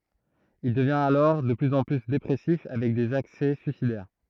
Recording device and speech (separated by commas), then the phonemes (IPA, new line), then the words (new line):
throat microphone, read sentence
il dəvjɛ̃t alɔʁ də plyz ɑ̃ ply depʁɛsif avɛk dez aksɛ syisidɛʁ
Il devient alors de plus en plus dépressif avec des accès suicidaires.